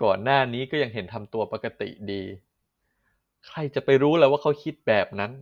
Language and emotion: Thai, frustrated